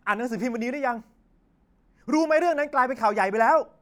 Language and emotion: Thai, angry